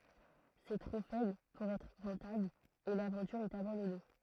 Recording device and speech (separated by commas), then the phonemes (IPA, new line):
throat microphone, read sentence
sɛ tʁo fɛbl puʁ ɛtʁ ʁɑ̃tabl e lavɑ̃tyʁ ɛt abɑ̃dɔne